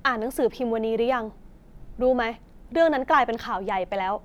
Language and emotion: Thai, frustrated